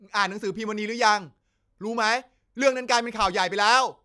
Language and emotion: Thai, angry